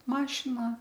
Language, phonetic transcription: Lithuanian, ˈmašina

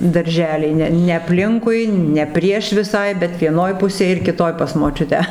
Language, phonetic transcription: Lithuanian, darˈželiai ˈne ne apˈlinkui ne ˈprieš viˈsai bet vieˈnoj ˈpusėj ir kiˈtoj pas moˈčiutę

